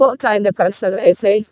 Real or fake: fake